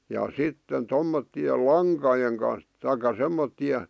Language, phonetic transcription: Finnish, ja "sitten "tommotti₍el "laŋkajeŋ kan̬s , taika "semmotti₍e ,.
- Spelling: ja sitten tuollaisten lankojen kanssa tai semmoisten

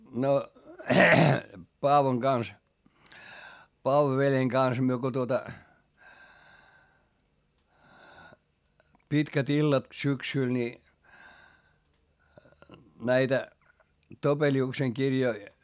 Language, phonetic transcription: Finnish, no , Paavoŋ Gans , Paavo-veljeŋ Gans myö ko tuota , pitkät ‿illat syksỳl ni , näitä , Topeli₍ukseŋ kirjoi ,.
- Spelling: no Paavon kanssa Paavo-veljen kanssa me kun tuota pitkät illat syksyllä niin näitä Topeliuksen kirjoja

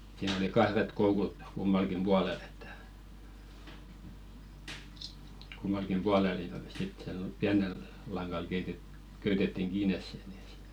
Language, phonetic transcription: Finnish, siin ‿oli "kahret 'koukut , 'kummalkim "ʙualel ‿ᴇttᴀ̈ , 'kummalkim "pualel (niit ‿oli) sit , siäl ‿ol "piänel , 'laŋɢal keitet- , köytetettiŋ 'ɢiines se ᴺᴵ ˢᵉ .
- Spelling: siinä oli kahdet koukut kummallakin puolella että kummallakin puolella niitä oli sitten siellä oli pienellä langalla - köytettiin kiinni se niin se

